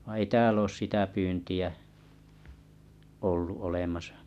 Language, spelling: Finnish, vaan ei täällä ole sitä pyyntiä ollut olemassa
- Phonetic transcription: ᵛᵃⁱ ei 'tääl ‿oos 'sitä pyynti₍ä , 'ollu 'olemasᴀ .

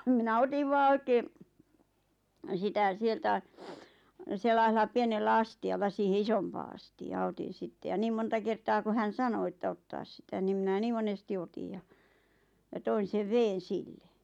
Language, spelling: Finnish, minä otin vain oikein sitä sieltä sellaisella pienellä astialla siihen isompaan astiaan otin sitten ja niin monta kertaa kun hän sanoi että ottaa sitä niin minä niin monesti otin ja ja toin sen veden sille
- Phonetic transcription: minä "otiv 'vaa 'oikee , 'sitä "sieltä , 'sellaisella 'pienellä "asti₍alla siihe "isompaa asti₍aa 'otin̬ 'sitte ja 'niim monta 'kertaa ku hän̬ "sano että 'ottaas sitä nim mⁱnä 'nii monesti 'otij ja , ja 'toin̬ sev 'veen̬ "sille .

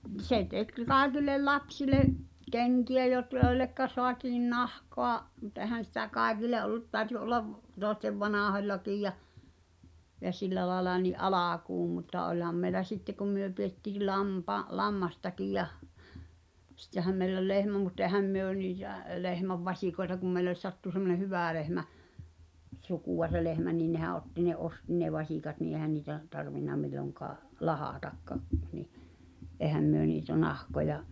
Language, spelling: Finnish, se teki kaikille lapsille kenkiä - joille saatiin nahkaa mutta eihän sitä kaikille ollut täytyi olla toisten vanhoillakin ja ja sillä lailla niin alkuun mutta olihan meillä sitten kun me pidettiin - lammastakin ja sittenhän meillä oli lehmä mutta eihän me niitä lehmän vasikoita kun meille sattui semmoinen hyvä lehmä sukua se lehmä niin nehän otti ne osti ne vasikat niin eihän niitä tarvinnut milloinkaan lahdatakaan niin eihän me niitä nahkoja
- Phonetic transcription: 'se 'tek 'kài̬kil̆lel "lapsile’ , 'keŋki₍ä jot- , 'joi̬llekka soatiin "nahkoa , mut ɛhän̬ sitä 'kàekile ’ol̆lut 'tääᵒ̈ty ’ollav , tòestev "vanàhoĺlakij ja , ja 'sillä laĕla ni’ "’alàkuum mutta oĺham mei̬lä 'sitte kum myö piettii 'lampa- , "lammastakij jah , 'sⁱttehäm meill ‿ol "lehmä mut't ‿ehäm myö niitä̀ , 'lehmäv 'vaśikoeta kum mei̬les 'sattu semmone "hyvä̀ lehmä , 'sukùʷa se lehmä nii 'nehä '’otti ne "’osti ne 'vaśìkat nii ehä niitä , tarvinna 'milloŋkaa , "lahà'takka̳ , ni , '’èhäm myö niitä 'nahkoja ,.

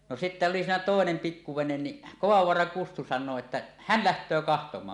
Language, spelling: Finnish, no sitten oli siinä toinen pikku vene niin Kovavaaran Kustu sanoo että hän lähtee katsomaan
- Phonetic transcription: no sittä oli siinä "tòenem 'pikku venen ni , "Kovavvoaraŋ 'Kustu san̆noo että , "hän̳ 'läht̀öö 'kahtom̀aan .

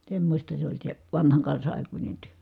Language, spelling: Finnish, semmoista se oli se vanhan kansan aikuinen työ
- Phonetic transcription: semmośta se oĺ se , vanhaŋ kansa ʼàikuńe työ .

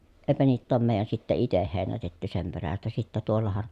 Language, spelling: Finnish, eipä niitä ole meidän sitten itse heinätetty sen perästä sitten tuollahan
- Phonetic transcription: èpä niitt ‿oom mèi̮j̀än sitte iteh hèi̮nätetty sem perästä sittä tuollahan ,.

